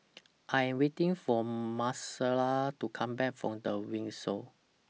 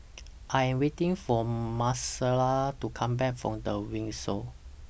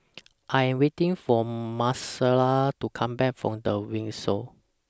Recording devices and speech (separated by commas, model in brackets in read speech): mobile phone (iPhone 6), boundary microphone (BM630), standing microphone (AKG C214), read sentence